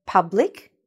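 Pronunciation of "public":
'public' is pronounced correctly, with the short U sound, not an OO sound.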